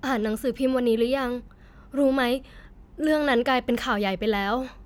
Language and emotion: Thai, sad